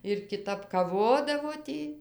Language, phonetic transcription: Lithuanian, ir kiˈtap kaˈvodavo ˈtį

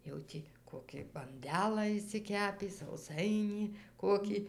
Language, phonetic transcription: Lithuanian, jau ˈtį ˈkokį banˈdelą išsiˈkepį sauˈsainį ˈkokį

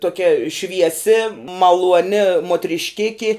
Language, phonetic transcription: Lithuanian, tuoˈkia švieˈsi maluoˈni muotrišˈkiki

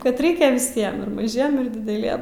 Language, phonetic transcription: Lithuanian, ˈkad ˈreikia viˈsiem ir maˈžiem ir dideˈliem

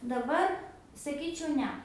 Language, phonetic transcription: Lithuanian, daˈbar saˈkyčiau ˈne

